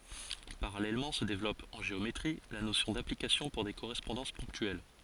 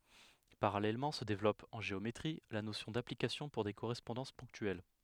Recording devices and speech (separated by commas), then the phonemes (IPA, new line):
forehead accelerometer, headset microphone, read sentence
paʁalɛlmɑ̃ sə devlɔp ɑ̃ ʒeometʁi la nosjɔ̃ daplikasjɔ̃ puʁ de koʁɛspɔ̃dɑ̃s pɔ̃ktyɛl